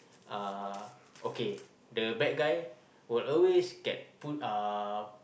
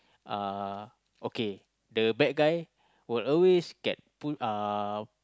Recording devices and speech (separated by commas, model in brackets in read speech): boundary microphone, close-talking microphone, conversation in the same room